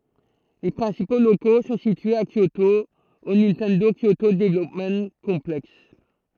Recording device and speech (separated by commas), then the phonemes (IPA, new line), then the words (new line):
throat microphone, read sentence
le pʁɛ̃sipo loko sɔ̃ sityez a kjoto o nintɛndo kjoto dəvlɔpm kɔ̃plɛks
Les principaux locaux sont situés à Kyoto au Nintendo Kyoto Development Complex.